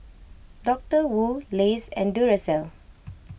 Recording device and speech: boundary microphone (BM630), read sentence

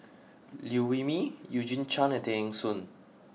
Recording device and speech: mobile phone (iPhone 6), read sentence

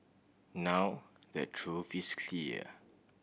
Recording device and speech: boundary microphone (BM630), read sentence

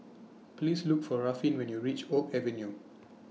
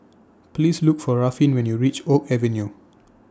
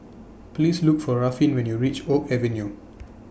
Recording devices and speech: mobile phone (iPhone 6), standing microphone (AKG C214), boundary microphone (BM630), read sentence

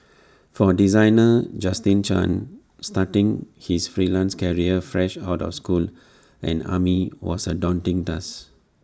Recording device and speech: standing microphone (AKG C214), read sentence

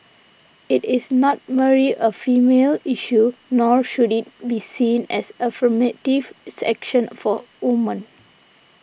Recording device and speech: boundary microphone (BM630), read sentence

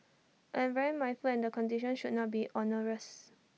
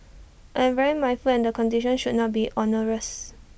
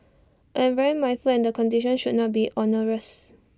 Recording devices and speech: mobile phone (iPhone 6), boundary microphone (BM630), standing microphone (AKG C214), read sentence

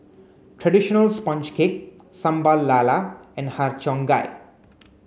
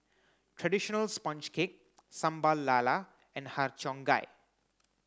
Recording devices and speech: mobile phone (Samsung C9), close-talking microphone (WH30), read sentence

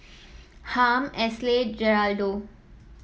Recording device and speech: mobile phone (iPhone 7), read sentence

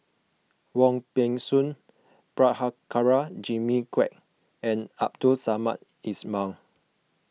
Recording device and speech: mobile phone (iPhone 6), read sentence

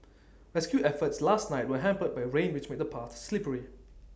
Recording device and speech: standing microphone (AKG C214), read sentence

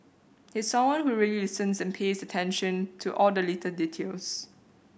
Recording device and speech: boundary microphone (BM630), read sentence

